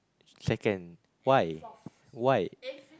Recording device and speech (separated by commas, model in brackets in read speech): close-talking microphone, conversation in the same room